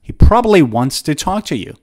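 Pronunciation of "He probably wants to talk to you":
The sentence is said fast, and in 'probably' the second b is dropped.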